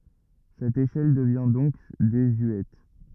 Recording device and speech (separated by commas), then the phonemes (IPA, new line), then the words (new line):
rigid in-ear microphone, read sentence
sɛt eʃɛl dəvjɛ̃ dɔ̃k dezyɛt
Cette échelle devient donc désuète.